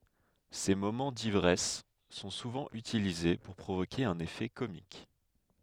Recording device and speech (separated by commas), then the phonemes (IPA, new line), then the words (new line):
headset microphone, read sentence
se momɑ̃ divʁɛs sɔ̃ suvɑ̃ ytilize puʁ pʁovoke œ̃n efɛ komik
Ses moments d'ivresse sont souvent utilisés pour provoquer un effet comique.